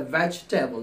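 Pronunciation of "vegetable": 'Vegetable' is pronounced correctly here, as two syllables: 'veg' and 'table'.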